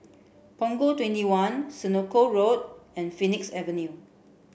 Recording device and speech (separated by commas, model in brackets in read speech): boundary microphone (BM630), read sentence